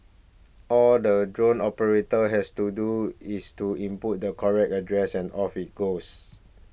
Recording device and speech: boundary microphone (BM630), read sentence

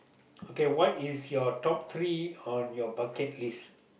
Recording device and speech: boundary microphone, conversation in the same room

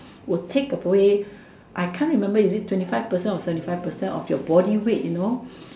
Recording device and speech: standing microphone, conversation in separate rooms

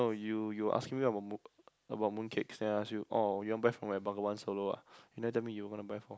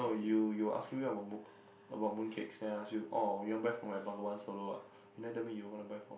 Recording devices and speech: close-talking microphone, boundary microphone, conversation in the same room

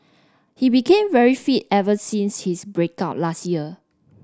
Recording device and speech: standing microphone (AKG C214), read sentence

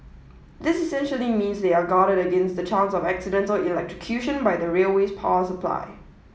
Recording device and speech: mobile phone (iPhone 7), read sentence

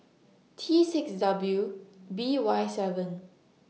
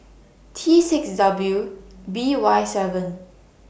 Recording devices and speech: mobile phone (iPhone 6), boundary microphone (BM630), read sentence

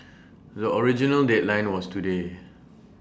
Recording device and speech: standing microphone (AKG C214), read sentence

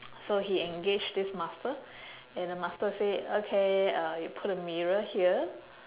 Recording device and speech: telephone, conversation in separate rooms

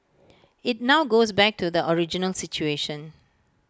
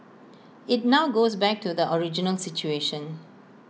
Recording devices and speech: close-talking microphone (WH20), mobile phone (iPhone 6), read sentence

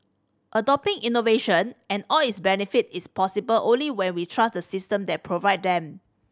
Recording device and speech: standing microphone (AKG C214), read sentence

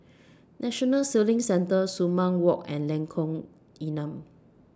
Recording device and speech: standing microphone (AKG C214), read sentence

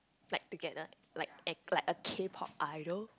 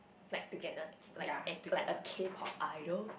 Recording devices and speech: close-talking microphone, boundary microphone, conversation in the same room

